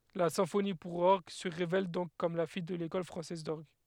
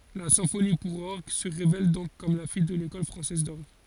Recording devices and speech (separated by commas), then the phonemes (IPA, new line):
headset microphone, forehead accelerometer, read sentence
la sɛ̃foni puʁ ɔʁɡ sə ʁevɛl dɔ̃k kɔm la fij də lekɔl fʁɑ̃sɛz dɔʁɡ